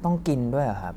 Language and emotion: Thai, frustrated